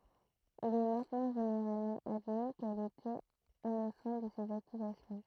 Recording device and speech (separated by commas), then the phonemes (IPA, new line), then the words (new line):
throat microphone, read sentence
il ɛ mɛ̃tnɑ̃ ʒeneʁalmɑ̃ admi kɛl etɛt inosɑ̃t də sez akyzasjɔ̃
Il est maintenant généralement admis qu'elle était innocente de ces accusations.